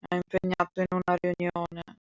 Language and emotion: Italian, sad